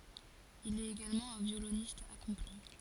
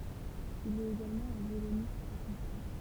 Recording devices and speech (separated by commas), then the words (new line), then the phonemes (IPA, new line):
forehead accelerometer, temple vibration pickup, read sentence
Il est également un violoniste accompli.
il ɛt eɡalmɑ̃ œ̃ vjolonist akɔ̃pli